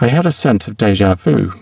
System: VC, spectral filtering